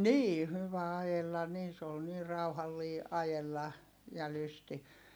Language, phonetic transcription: Finnish, nii hyvä ajella niin se ol nii rauhallii , ajella , ja lysti .
- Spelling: niin hyvä ajella niin se oli niin rauhallinen ajella ja lysti

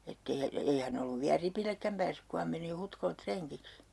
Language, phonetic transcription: Finnish, 'ett ‿ei ja 'ei hän ‿olluv viä "ripillekkäm päässyk ku ham meni 'Hutkolet 'treŋkiks .
- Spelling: että ei ja ei hän ollut vielä ripillekään päässyt kun hän meni Hutkolle rengiksi

